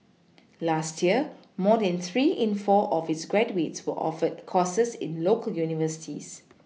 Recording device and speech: mobile phone (iPhone 6), read sentence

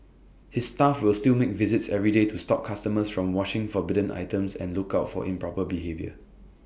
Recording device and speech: boundary microphone (BM630), read sentence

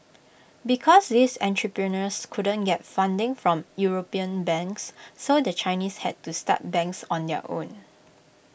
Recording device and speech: boundary microphone (BM630), read sentence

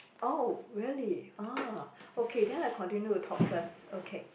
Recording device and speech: boundary microphone, conversation in the same room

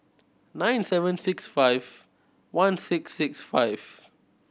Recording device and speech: boundary microphone (BM630), read sentence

